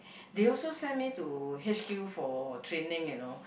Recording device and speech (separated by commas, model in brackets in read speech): boundary microphone, conversation in the same room